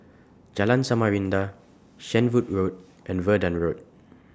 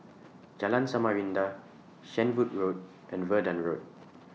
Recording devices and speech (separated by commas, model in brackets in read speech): standing microphone (AKG C214), mobile phone (iPhone 6), read sentence